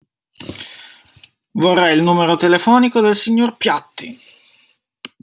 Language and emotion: Italian, angry